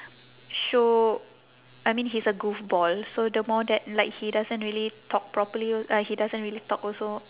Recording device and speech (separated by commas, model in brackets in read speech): telephone, conversation in separate rooms